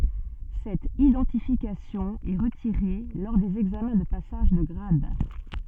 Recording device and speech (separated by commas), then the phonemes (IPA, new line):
soft in-ear microphone, read sentence
sɛt idɑ̃tifikasjɔ̃ ɛ ʁətiʁe lɔʁ dez ɛɡzamɛ̃ də pasaʒ də ɡʁad